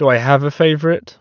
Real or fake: real